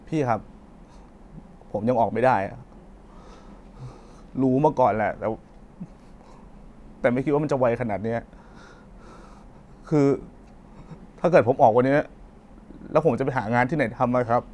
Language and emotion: Thai, sad